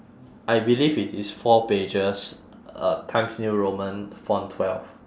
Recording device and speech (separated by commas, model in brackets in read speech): standing microphone, conversation in separate rooms